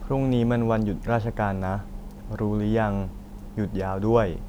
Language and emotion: Thai, neutral